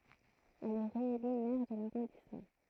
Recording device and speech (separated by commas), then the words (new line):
throat microphone, read sentence
Elle est réélue maire de l'arrondissement.